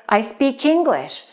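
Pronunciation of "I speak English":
In 'I speak English', the final k of 'speak' links to the vowel at the start of 'English' and is heard as part of that next word.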